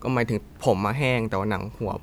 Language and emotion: Thai, neutral